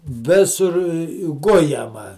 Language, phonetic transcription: Lithuanian, ˈvisur ˈgujama

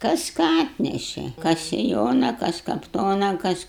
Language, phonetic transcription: Lithuanian, ˈkas ˈką ˈatneše ˈkas siˈjona ˈkas kapˈtona ˈkas

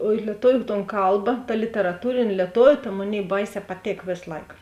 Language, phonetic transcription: Lithuanian, o i lieˈtoviu ton ˈkalba ta literaˈtūrėn' lieˈtoviu ta ˈmoˌnėi ˈbaiˌsē paˈtėk ˈvės ˈlaik

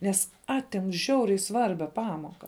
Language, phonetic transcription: Lithuanian, ˈnes ˈatim ˈžiauriai ˈsvarbia ˈpamoka

